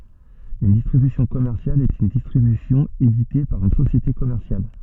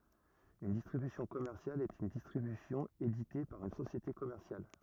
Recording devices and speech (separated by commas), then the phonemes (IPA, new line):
soft in-ear microphone, rigid in-ear microphone, read sentence
yn distʁibysjɔ̃ kɔmɛʁsjal ɛt yn distʁibysjɔ̃ edite paʁ yn sosjete kɔmɛʁsjal